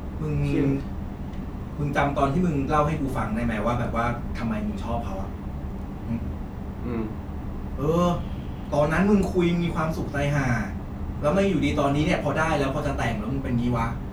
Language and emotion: Thai, frustrated